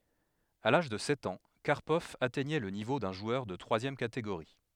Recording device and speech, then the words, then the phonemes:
headset microphone, read sentence
À l'âge de sept ans, Karpov atteignait le niveau d'un joueur de troisième catégorie.
a laʒ də sɛt ɑ̃ kaʁpɔv atɛɲɛ lə nivo dœ̃ ʒwœʁ də tʁwazjɛm kateɡoʁi

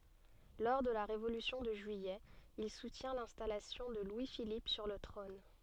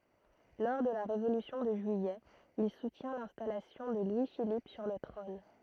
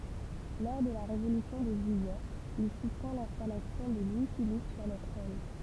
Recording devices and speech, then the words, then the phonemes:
soft in-ear microphone, throat microphone, temple vibration pickup, read sentence
Lors de la Révolution de juillet, il soutient l'installation de Louis-Philippe sur le trône.
lɔʁ də la ʁevolysjɔ̃ də ʒyijɛ il sutjɛ̃ lɛ̃stalasjɔ̃ də lwi filip syʁ lə tʁɔ̃n

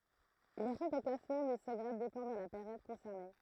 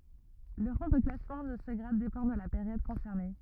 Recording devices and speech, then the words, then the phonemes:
throat microphone, rigid in-ear microphone, read sentence
Le rang de classement de ce grade dépend de la période concernée.
lə ʁɑ̃ də klasmɑ̃ də sə ɡʁad depɑ̃ də la peʁjɔd kɔ̃sɛʁne

